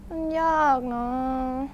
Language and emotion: Thai, frustrated